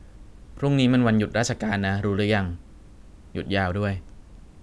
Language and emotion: Thai, neutral